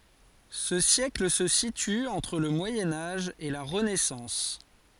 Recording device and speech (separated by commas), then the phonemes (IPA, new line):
forehead accelerometer, read sentence
sə sjɛkl sə sity ɑ̃tʁ lə mwajɛ̃ aʒ e la ʁənɛsɑ̃s